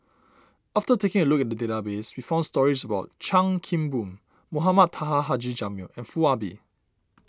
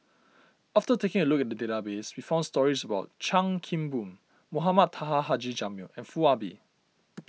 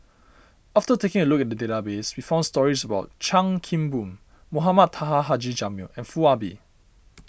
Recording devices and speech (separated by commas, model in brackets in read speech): standing microphone (AKG C214), mobile phone (iPhone 6), boundary microphone (BM630), read sentence